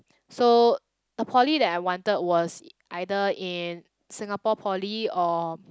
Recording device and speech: close-talking microphone, conversation in the same room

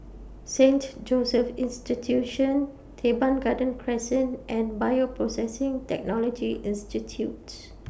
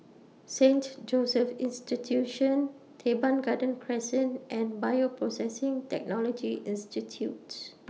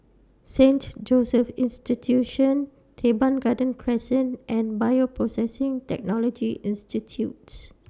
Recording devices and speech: boundary microphone (BM630), mobile phone (iPhone 6), standing microphone (AKG C214), read sentence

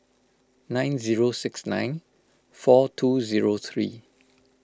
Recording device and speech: close-talking microphone (WH20), read sentence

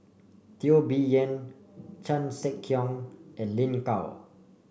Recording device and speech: boundary microphone (BM630), read sentence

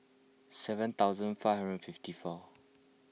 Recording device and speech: mobile phone (iPhone 6), read sentence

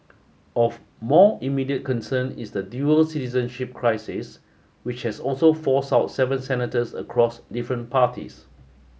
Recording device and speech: mobile phone (Samsung S8), read sentence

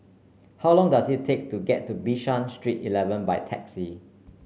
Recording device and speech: mobile phone (Samsung C9), read sentence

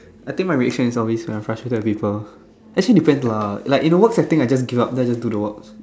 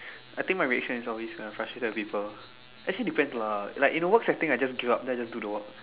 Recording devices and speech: standing microphone, telephone, conversation in separate rooms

